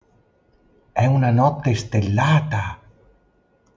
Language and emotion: Italian, surprised